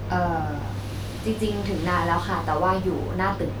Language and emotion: Thai, neutral